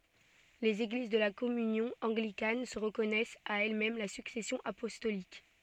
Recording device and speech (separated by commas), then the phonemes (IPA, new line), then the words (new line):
soft in-ear microphone, read sentence
lez eɡliz də la kɔmynjɔ̃ ɑ̃ɡlikan sə ʁəkɔnɛst a ɛlɛsmɛm la syksɛsjɔ̃ apɔstolik
Les Églises de la Communion anglicane se reconnaissent à elles-mêmes la succession apostolique.